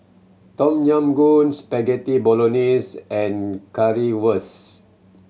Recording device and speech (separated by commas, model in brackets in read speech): mobile phone (Samsung C7100), read sentence